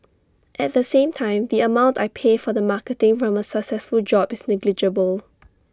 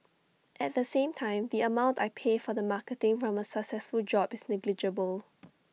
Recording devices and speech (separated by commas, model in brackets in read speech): standing microphone (AKG C214), mobile phone (iPhone 6), read sentence